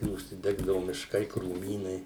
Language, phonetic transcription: Lithuanian, užsiˈdegdavu mišˈkai krūˈmynai

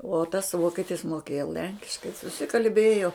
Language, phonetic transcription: Lithuanian, uo tas ˈvoketis moˈkėjo ˈlenkiškai susikalˈbėjo

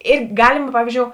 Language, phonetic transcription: Lithuanian, ˈir ˈgalima ˈpavyzdžiou

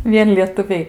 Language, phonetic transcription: Lithuanian, ˈvien lietuˈviai

